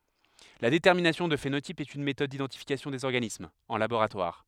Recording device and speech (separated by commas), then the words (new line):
headset microphone, read sentence
La détermination du phénotype est une méthode d'identification des organismes, en laboratoire.